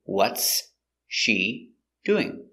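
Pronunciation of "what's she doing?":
In 'what's she doing?', the words are said separately and are not linked together.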